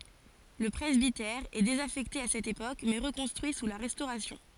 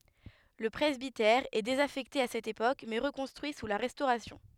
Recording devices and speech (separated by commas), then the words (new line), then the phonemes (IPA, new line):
forehead accelerometer, headset microphone, read sentence
Le presbytère est désaffecté à cette époque, mais reconstruit sous la Restauration.
lə pʁɛzbitɛʁ ɛ dezafɛkte a sɛt epok mɛ ʁəkɔ̃stʁyi su la ʁɛstoʁasjɔ̃